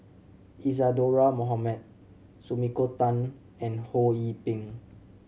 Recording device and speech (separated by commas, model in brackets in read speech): mobile phone (Samsung C7100), read sentence